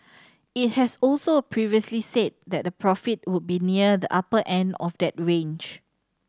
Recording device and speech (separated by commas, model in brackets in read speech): standing microphone (AKG C214), read sentence